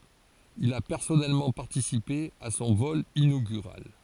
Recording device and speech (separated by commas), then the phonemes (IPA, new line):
forehead accelerometer, read sentence
il a pɛʁsɔnɛlmɑ̃ paʁtisipe a sɔ̃ vɔl inoɡyʁal